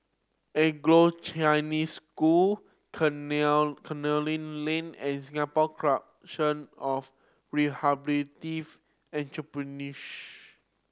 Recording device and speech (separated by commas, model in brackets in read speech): standing microphone (AKG C214), read sentence